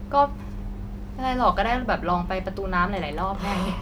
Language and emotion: Thai, frustrated